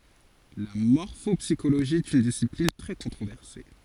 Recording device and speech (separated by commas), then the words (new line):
forehead accelerometer, read sentence
La morphopsychologie est une discipline très controversée.